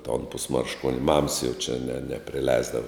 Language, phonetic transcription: Lithuanian, ton pusmaršˈkuon' mams jau čia ne ne nepriˈleisdava

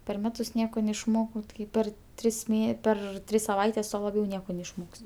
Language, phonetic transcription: Lithuanian, per ˈmetus ˈnieko neišˈmokau ˈtai ˈper ˈtris ˈmė ˈper ˈtris saˈvaites ˈtuo laˈbiau ˈnieko neišˈmok's'

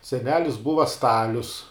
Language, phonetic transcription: Lithuanian, seˈnelis ˈbuva ˈstalius

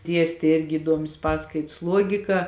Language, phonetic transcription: Lithuanian, ˈdiestė ˈirgi įˈduomis ˈpaskaits ˈluogika

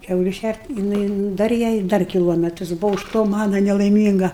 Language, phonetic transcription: Lithuanian, ˈkiauliu ˈšært' jiˈnai ˈdar jai ˈdar kiˈlometras ˈbuvo už ˈto ˈmana nelaiˈmynga

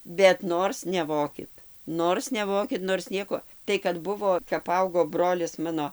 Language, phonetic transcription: Lithuanian, bet ˈnors neˈvokit ˈnors neˈvokit nors ˈnieko tai kad ˈbuvo kap ˈaugo ˈbrolis ˈmano

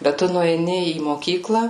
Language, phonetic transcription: Lithuanian, bet ˈtu nueiˈni į moˈkykla

